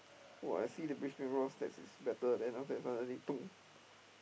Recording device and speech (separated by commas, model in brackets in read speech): boundary microphone, conversation in the same room